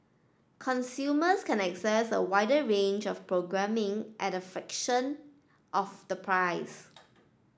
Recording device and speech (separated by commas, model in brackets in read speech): standing microphone (AKG C214), read sentence